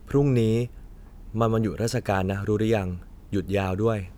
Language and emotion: Thai, frustrated